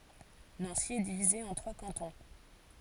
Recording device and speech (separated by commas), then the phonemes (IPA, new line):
forehead accelerometer, read sentence
nɑ̃si ɛ divize ɑ̃ tʁwa kɑ̃tɔ̃